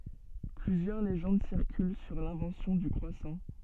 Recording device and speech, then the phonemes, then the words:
soft in-ear microphone, read sentence
plyzjœʁ leʒɑ̃d siʁkyl syʁ lɛ̃vɑ̃sjɔ̃ dy kʁwasɑ̃
Plusieurs légendes circulent sur l'invention du croissant.

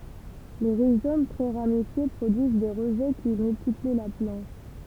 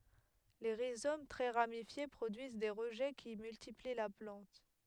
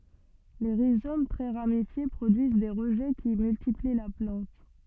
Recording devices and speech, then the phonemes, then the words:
temple vibration pickup, headset microphone, soft in-ear microphone, read sentence
le ʁizom tʁɛ ʁamifje pʁodyiz de ʁəʒɛ ki myltipli la plɑ̃t
Les rhizomes très ramifiés produisent des rejets qui multiplient la plante.

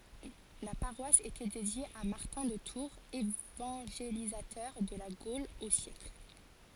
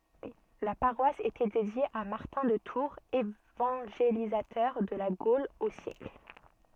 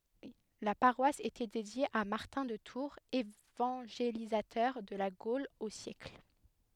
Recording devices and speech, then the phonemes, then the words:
forehead accelerometer, soft in-ear microphone, headset microphone, read sentence
la paʁwas etɛ dedje a maʁtɛ̃ də tuʁz evɑ̃ʒelizatœʁ də la ɡol o sjɛkl
La paroisse était dédiée à Martin de Tours, évangélisateur de la Gaule au siècle.

